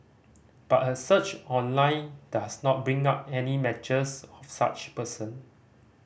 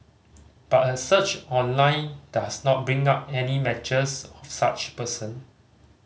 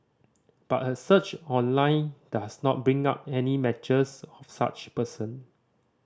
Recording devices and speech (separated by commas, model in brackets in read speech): boundary microphone (BM630), mobile phone (Samsung C5010), standing microphone (AKG C214), read sentence